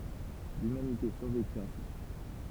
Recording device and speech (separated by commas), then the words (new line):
temple vibration pickup, read sentence
L'humanité survécut ainsi.